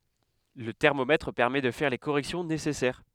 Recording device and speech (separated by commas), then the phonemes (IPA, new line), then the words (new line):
headset microphone, read sentence
lə tɛʁmomɛtʁ pɛʁmɛ də fɛʁ le koʁɛksjɔ̃ nesɛsɛʁ
Le thermomètre permet de faire les corrections nécessaires.